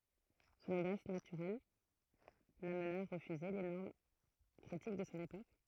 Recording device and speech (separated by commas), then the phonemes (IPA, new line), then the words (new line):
throat microphone, read sentence
sɔ̃n odas natyʁɛl lamna a ʁəfyze le nɔʁm kʁitik də sɔ̃ epok
Son audace naturelle l'amena à refuser les normes critiques de son époque.